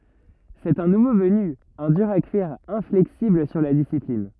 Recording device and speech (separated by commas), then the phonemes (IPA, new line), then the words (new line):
rigid in-ear microphone, read sentence
sɛt œ̃ nuvo vəny œ̃ dyʁ a kyiʁ ɛ̃flɛksibl syʁ la disiplin
C'est un nouveau venu, un dur à cuire, inflexible sur la discipline.